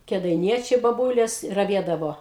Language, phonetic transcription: Lithuanian, kedaiˈniečiai baˈbūlės raˈviedavo

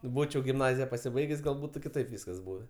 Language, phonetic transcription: Lithuanian, ˈbūčiau gimˈnazija pasiˈbaigės' gal ˈbūtu kiˈtaip ˈvyskas ˈbūvė

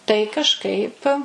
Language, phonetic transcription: Lithuanian, tai kažˈkaip

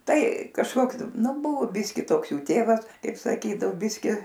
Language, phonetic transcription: Lithuanian, ˈtai kažˈkoks ˈnu ˈbuvo ˈbiski ˈtoks ˈjų ˈtėvas ˈkaip saˈkydao ˈbiski

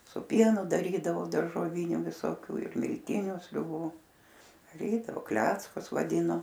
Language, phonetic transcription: Lithuanian, su ˈpienu daˈrydavo daržoˈviniu visoˈkių ir milˈtiniu sriuˈbų daˈrydavo ˈkleckus vaˈdyno

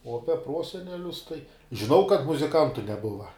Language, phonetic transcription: Lithuanian, o ˈape ˈprosenelius tai žiˈnau kad muziˈkantu neˈbuva

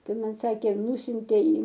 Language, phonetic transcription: Lithuanian, tuoˈmet ˈsakė ˈnusiuntė į

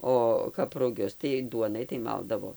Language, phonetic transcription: Lithuanian, ˈo kap ruˈgius tai ˈduonai tai ˈmaldavo

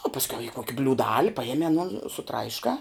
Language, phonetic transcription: Lithuanian, o pasˈkiau i ˈkoki bliūˈdali paˈjemi aˈnon suˈtraiškā

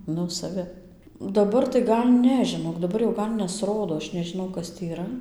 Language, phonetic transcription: Lithuanian, ˈnu saˈvi daˈbar tai ˈgal' ˈne žiˈnok daˈbar jau ˈgal' nesˈrodo ˈaš nežiˈnau ˈkas tį yˈra

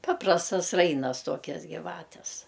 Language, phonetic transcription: Lithuanian, ˈpaprastas ˈrainas ˈtuokias giˈvates

